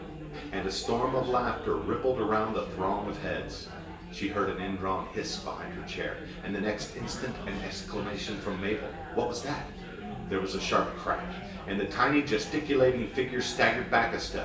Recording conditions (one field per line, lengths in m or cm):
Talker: one person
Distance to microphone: 1.8 m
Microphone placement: close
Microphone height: 1.0 m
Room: large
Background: babble